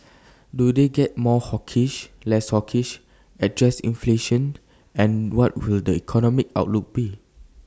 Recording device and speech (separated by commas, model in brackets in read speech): standing microphone (AKG C214), read sentence